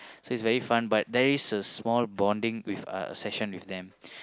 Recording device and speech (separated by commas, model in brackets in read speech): close-talking microphone, conversation in the same room